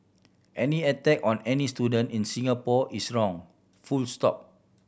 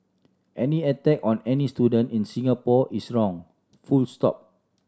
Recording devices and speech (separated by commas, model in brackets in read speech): boundary microphone (BM630), standing microphone (AKG C214), read sentence